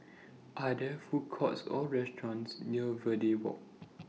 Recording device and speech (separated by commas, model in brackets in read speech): mobile phone (iPhone 6), read sentence